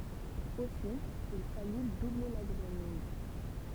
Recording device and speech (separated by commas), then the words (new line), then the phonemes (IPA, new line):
temple vibration pickup, read sentence
Aussi, il fallut doubler la grenouille.
osi il faly duble la ɡʁənuj